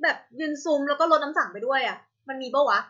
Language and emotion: Thai, happy